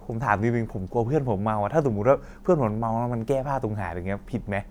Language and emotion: Thai, neutral